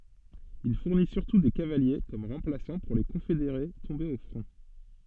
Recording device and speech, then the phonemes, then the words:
soft in-ear microphone, read sentence
il fuʁni syʁtu de kavalje kɔm ʁɑ̃plasɑ̃ puʁ le kɔ̃fedeʁe tɔ̃bez o fʁɔ̃
Il fournit surtout des cavaliers comme remplaçants pour les confédérés tombés au front.

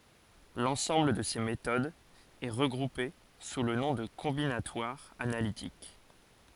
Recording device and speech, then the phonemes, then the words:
forehead accelerometer, read sentence
lɑ̃sɑ̃bl də se metodz ɛ ʁəɡʁupe su lə nɔ̃ də kɔ̃binatwaʁ analitik
L'ensemble de ces méthodes est regroupé sous le nom de combinatoire analytique.

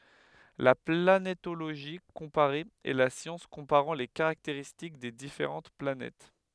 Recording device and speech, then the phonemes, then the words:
headset microphone, read sentence
la planetoloʒi kɔ̃paʁe ɛ la sjɑ̃s kɔ̃paʁɑ̃ le kaʁakteʁistik de difeʁɑ̃t planɛt
La planétologie comparée est la science comparant les caractéristiques des différentes planètes.

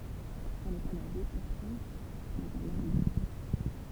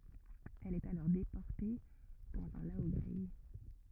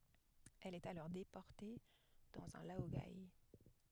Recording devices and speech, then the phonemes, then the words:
temple vibration pickup, rigid in-ear microphone, headset microphone, read sentence
ɛl ɛt alɔʁ depɔʁte dɑ̃z œ̃ laoɡe
Elle est alors déportée dans un laogai.

